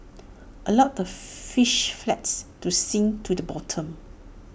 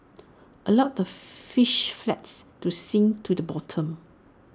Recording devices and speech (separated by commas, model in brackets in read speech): boundary microphone (BM630), standing microphone (AKG C214), read sentence